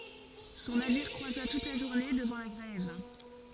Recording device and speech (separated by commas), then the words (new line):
forehead accelerometer, read sentence
Son navire croisa toute la journée devant la grève.